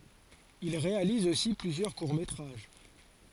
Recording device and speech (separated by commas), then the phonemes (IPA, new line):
forehead accelerometer, read sentence
il ʁealiz osi plyzjœʁ kuʁ metʁaʒ